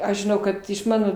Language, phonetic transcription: Lithuanian, ˈaš žiˈnau kad iš ˈmano

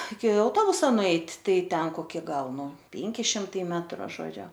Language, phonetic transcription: Lithuanian, iki auˈtobusa nuˈeit' ˈtai ˈten koˈki ˈgal ˈnu ˈpėnki ˈšimtai ˈmetru žoˈdžiu

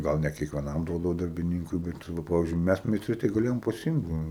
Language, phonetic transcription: Lithuanian, ˈgal ne kiekveˈnam ˈduodavo darbiˈnynkui ˈbet nu ˈpavizdžiui ˈmæs meisˈtrai tai gaˈlėjom paˈsimt ˈva

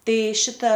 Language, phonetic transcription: Lithuanian, ˈtai ˈšita

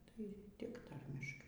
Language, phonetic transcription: Lithuanian, tai tik ˈtarmiškai

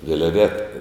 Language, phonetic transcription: Lithuanian, vilˈveta

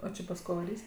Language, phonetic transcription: Lithuanian, o ˈči pas ˈko vaˈrys'

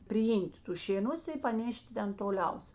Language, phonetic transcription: Lithuanian, priˈym't' ˈtus šėˈnus i paˈnėšti ˈten toˈliaus

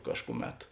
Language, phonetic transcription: Lithuanian, ˈkažkuˌmet

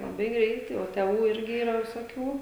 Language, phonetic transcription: Lithuanian, laˈbai ˈgreitai o teˈvų ˈirgi yˈra visoˈkių

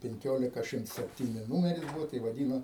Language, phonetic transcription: Lithuanian, penˈkiolika ˈšimts sepˈtyni ˈnūmeris ˈbuvo tai vaˈdyno

